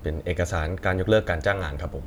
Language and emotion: Thai, neutral